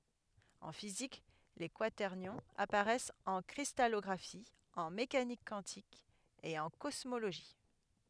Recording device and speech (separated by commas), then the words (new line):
headset microphone, read sentence
En physique, les quaternions apparaissent en cristallographie, en mécanique quantique et en cosmologie.